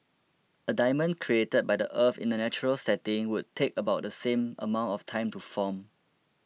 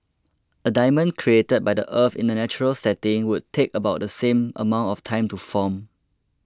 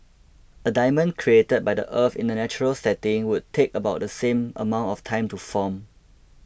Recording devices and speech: mobile phone (iPhone 6), close-talking microphone (WH20), boundary microphone (BM630), read sentence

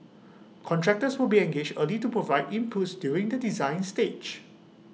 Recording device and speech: mobile phone (iPhone 6), read sentence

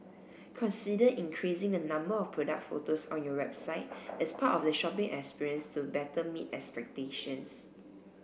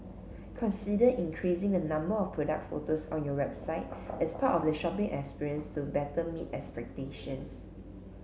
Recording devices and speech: boundary microphone (BM630), mobile phone (Samsung C7), read sentence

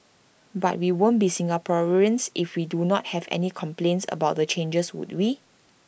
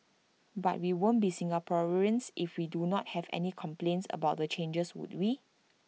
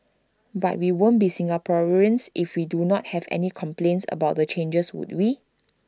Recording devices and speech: boundary microphone (BM630), mobile phone (iPhone 6), standing microphone (AKG C214), read sentence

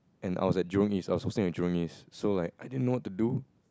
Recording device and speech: close-talking microphone, conversation in the same room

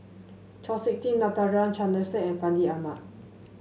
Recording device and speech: mobile phone (Samsung S8), read sentence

